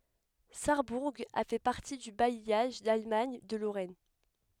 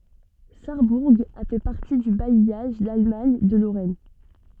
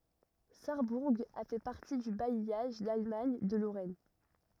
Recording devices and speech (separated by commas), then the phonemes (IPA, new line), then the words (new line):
headset microphone, soft in-ear microphone, rigid in-ear microphone, read sentence
saʁbuʁ a fɛ paʁti dy bajjaʒ dalmaɲ də loʁɛn
Sarrebourg a fait partie du bailliage d'Allemagne de Lorraine.